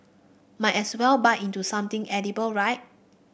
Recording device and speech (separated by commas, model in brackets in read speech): boundary microphone (BM630), read sentence